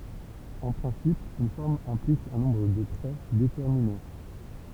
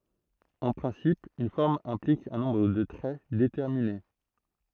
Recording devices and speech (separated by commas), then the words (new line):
temple vibration pickup, throat microphone, read sentence
En principe, une forme implique un nombre de traits déterminé.